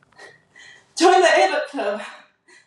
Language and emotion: English, surprised